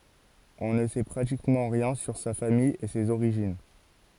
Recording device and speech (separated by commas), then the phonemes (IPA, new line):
forehead accelerometer, read sentence
ɔ̃ nə sɛ pʁatikmɑ̃ ʁjɛ̃ syʁ sa famij e sez oʁiʒin